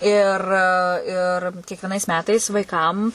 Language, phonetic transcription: Lithuanian, ir ir kiekvieˈnais ˈmetais vaiˈkam

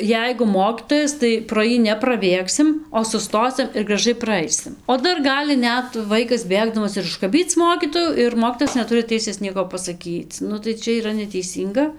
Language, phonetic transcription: Lithuanian, ˈjeigu ˈmokytojas tai pro ˈjį nepraˈbėgsim o suˈstosim ir graˈžai praˈaisim o ˈdar ˈgali ˈnet ˈvaikas ˈbėgdamas ir užkaˈbyc ˈmokytojų ir ˈmokytojas neˈturi ˈteisės ˈnieko pasaˈkyc ˈnu tai ˈčia yˈra neteiˈsynga

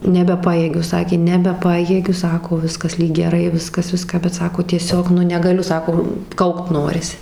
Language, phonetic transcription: Lithuanian, nebeˈpajėgiu ˈsakė nebeˈpajėgiu ˈsako ˈviskas ˈlyg geˈrai ˈviskas ˈviską bet ˈsako tieˈsiog ˈnu negaˈliu ˈsako ˈkaukt ˈnorisi

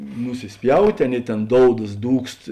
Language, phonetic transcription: Lithuanian, nusisˈpjautė ˈaˌnėi ˈtėn ˈdoudas ˈdūkst

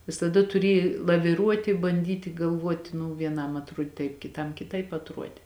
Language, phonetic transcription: Lithuanian, visaˈda tuˈrėj laviˈruoti banˈdyti galˈvuoti nu vieˈnam atˈruodi taip kiˈtam kiˈtaip atˈruode

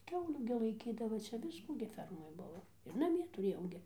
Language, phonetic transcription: Lithuanian, ˈkiaulių gi laiˈkydava ˈčia ˈviskų gi ˈfermoj ˈbuvo ir naˈmie tuˈrėjau gi

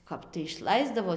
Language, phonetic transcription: Lithuanian, ˈkap tai išˈlaisdavo

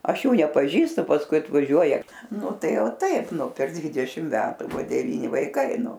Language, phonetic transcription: Lithuanian, ˈaš ˈjų nepaˈžįstu pasˈkui atvaˈžiuoja ˈnu ˈtai o ˈtaip nu per ˈdvidešim ˈmetu ˈbuvo deˈvyni vaiˈkai ˈnu

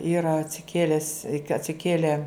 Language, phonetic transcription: Lithuanian, ˈyra atsiˈkėles i ka atsiˈkėle

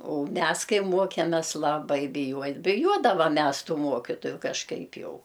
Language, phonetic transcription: Lithuanian, ou ˈmes ˈkai ˈmuokemes laˈbai biˈjuoj biˈjuodavam ˈmes ˈtų ˈmuokitoju kažˈkaip ˈjau

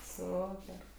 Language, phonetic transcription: Lithuanian, ˈsuper

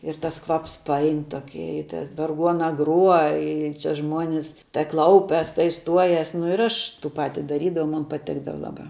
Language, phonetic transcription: Lithuanian, ir ˈtas ˈkvaps paˈain ˈtoki i te varˈguona ˈgruo ˈi ˈčia ˈžmuonis tai ˈklaupias tai ˈstuojas nu ir ˈaš ˈtų ˈpati daˈrydavau mun paˈtikdava ˈlaˌbā

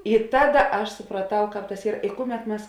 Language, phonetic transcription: Lithuanian, i ˈtaˌda ˈaš supraˈtau ˈkāp tas ˈyr i ˈkuˌmet ˈmes

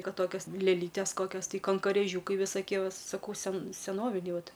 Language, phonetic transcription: Lithuanian, ˈkad ˈtokios lėˈlytės ˈkokios ˈtai kankorėˈžiūkai visoˈkie ˈva saˈkau sen seˈnoviniai ˈvat

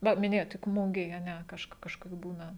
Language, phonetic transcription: Lithuanian, ˈva miˈnėjot tik ˈmugėj a ˈne ˈkažk ˈkažkas ˈbūna

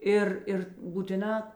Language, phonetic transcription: Lithuanian, ˈir ir būtiˈnā

